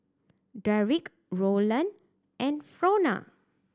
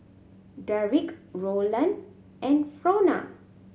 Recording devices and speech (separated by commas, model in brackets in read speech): standing microphone (AKG C214), mobile phone (Samsung C7100), read sentence